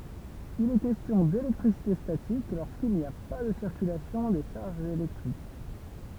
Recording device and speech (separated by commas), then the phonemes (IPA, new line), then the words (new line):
temple vibration pickup, read sentence
il ɛ kɛstjɔ̃ delɛktʁisite statik loʁskil ni a pa də siʁkylasjɔ̃ de ʃaʁʒz elɛktʁik
Il est question d'électricité statique lorsqu'il n'y a pas de circulation des charges électriques.